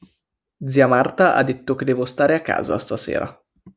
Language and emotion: Italian, neutral